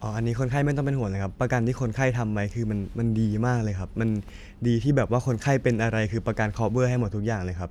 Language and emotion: Thai, neutral